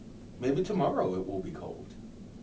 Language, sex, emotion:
English, male, neutral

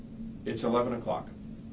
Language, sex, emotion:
English, male, neutral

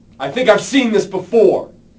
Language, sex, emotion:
English, male, angry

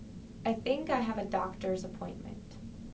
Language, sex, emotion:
English, female, neutral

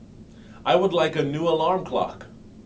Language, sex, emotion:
English, male, neutral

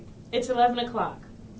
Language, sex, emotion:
English, female, neutral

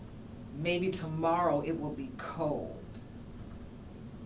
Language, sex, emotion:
English, female, disgusted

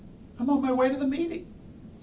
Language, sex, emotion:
English, male, fearful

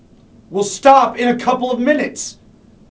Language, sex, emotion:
English, male, angry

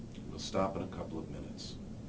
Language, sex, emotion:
English, male, neutral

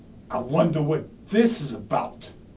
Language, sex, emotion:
English, male, angry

